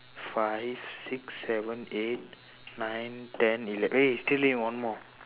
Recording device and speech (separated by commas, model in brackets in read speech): telephone, conversation in separate rooms